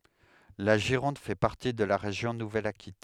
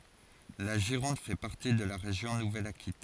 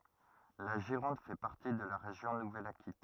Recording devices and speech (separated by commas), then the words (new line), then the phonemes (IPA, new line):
headset microphone, forehead accelerometer, rigid in-ear microphone, read sentence
La Gironde fait partie de la région Nouvelle-Aquitaine.
la ʒiʁɔ̃d fɛ paʁti də la ʁeʒjɔ̃ nuvɛl akitɛn